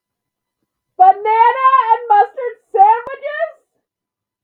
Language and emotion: English, surprised